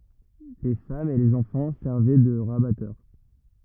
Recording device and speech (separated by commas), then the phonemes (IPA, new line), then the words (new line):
rigid in-ear microphone, read sentence
le famz e lez ɑ̃fɑ̃ sɛʁvɛ də ʁabatœʁ
Les femmes et les enfants servaient de rabatteurs.